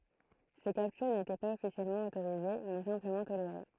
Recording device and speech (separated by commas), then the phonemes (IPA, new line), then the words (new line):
throat microphone, read sentence
se kaptyʁ netɛ paz ɔfisjɛlmɑ̃ otoʁize mɛ sɛ̃pləmɑ̃ toleʁe
Ces captures n’étaient pas officiellement autorisées mais simplement tolérées.